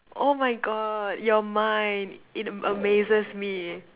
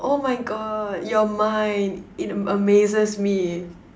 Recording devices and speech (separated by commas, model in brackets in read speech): telephone, standing microphone, conversation in separate rooms